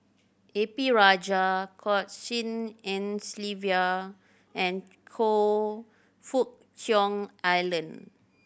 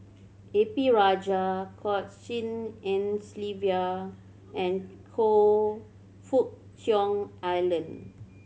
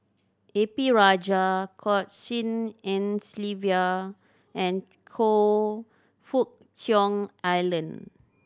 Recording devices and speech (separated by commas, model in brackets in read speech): boundary microphone (BM630), mobile phone (Samsung C7100), standing microphone (AKG C214), read sentence